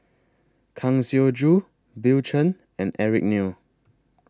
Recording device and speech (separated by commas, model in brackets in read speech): close-talking microphone (WH20), read sentence